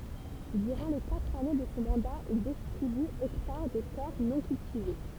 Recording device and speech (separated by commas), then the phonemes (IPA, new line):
temple vibration pickup, read sentence
dyʁɑ̃ le katʁ ane də sɔ̃ mɑ̃da il distʁiby ɛktaʁ də tɛʁ nɔ̃ kyltive